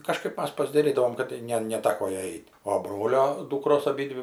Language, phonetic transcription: Lithuanian, kaˈžkaip ˈmas pasdaˈrydavom kad ˈne neˈtako ˈjai ˈeit' o ˈbrolio ˈdūkros aˈbydvi

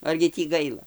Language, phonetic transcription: Lithuanian, ˈargi tį ˈgaila

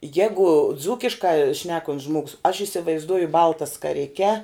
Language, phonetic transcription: Lithuanian, ˈjegu ˈdzūkiška ˈšnekon't's ˈžmogus aš isivaizˈduoju ˈbalta skaˈrike

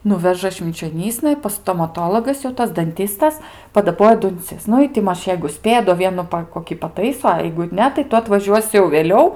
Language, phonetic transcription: Lithuanian, ˈnuveža švinčioˈnysna ˈi pas stomaˈtologas jau ˈtas danˈtystas padaˈboja dunˈcis ˈnu i ti ˈmaž jeigu ˈspėja do ˈvienu ˈpa koˈkį paˈtaiso a jeigu ˈne tai ˈtu atvaˈžiuosi jau vėˈliau

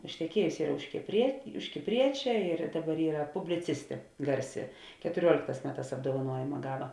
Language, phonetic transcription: Lithuanian, išteˈkiejusi ˈyra už kiprie už kipˈriečia ir ˈdaˌbar ˈyra publiˈcistė ˈgarˌsi ketuˈriuolėkˌtās ˈmeˌtās apdovaˈnuojima ˈgaˌva

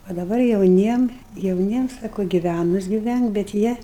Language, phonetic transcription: Lithuanian, o daˈbar jauˈniem jauˈniem ˈsako giˈvænus giˈvænk bet ˈjie

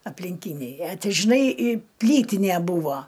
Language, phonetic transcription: Lithuanian, aplinˈkyniai e ˈtai žiˈnai i ˈplytinė ˈbūvo

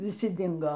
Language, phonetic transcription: Lithuanian, viˈsi ˈdingo

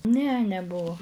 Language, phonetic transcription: Lithuanian, ne neˈbuo

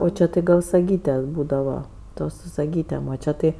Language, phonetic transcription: Lithuanian, o ˈčia tai ˈgal saˈgyte ˈbūdava ˈtos su saˈgytėm o ˈčia ˈtai

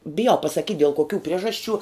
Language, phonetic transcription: Lithuanian, biˈjau pasaˈkyt' del koˈkių ˈpriežasˌčių

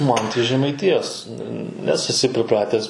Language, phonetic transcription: Lithuanian, ˈman tai žemaiˈtijos nes eˈsi priˈpratęs

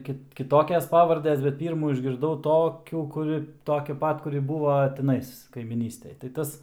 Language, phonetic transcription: Lithuanian, ˈkit kˈitokias ˈpavardes bet ˈpyrmų išgirˈdau ˈtokių kuˈri ˈtokia ˈpat kuˈri ˈbūva tiˈnais kaimyˈnystej tai ˈtas

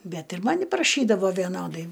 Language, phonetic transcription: Lithuanian, ˈbet ir ˈmani praˈšydavo vieˈnodai

